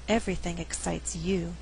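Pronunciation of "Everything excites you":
In 'Everything excites you', the word 'you' is emphasized.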